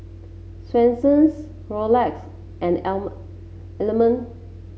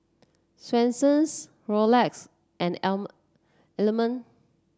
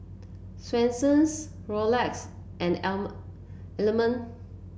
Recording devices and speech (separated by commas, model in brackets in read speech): mobile phone (Samsung C7), standing microphone (AKG C214), boundary microphone (BM630), read sentence